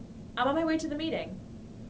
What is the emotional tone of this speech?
neutral